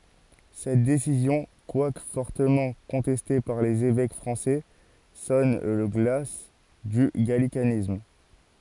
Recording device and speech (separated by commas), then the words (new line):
forehead accelerometer, read sentence
Cette décision, quoique fortement contestée par les évêques français, sonne le glas du gallicanisme.